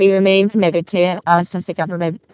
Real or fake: fake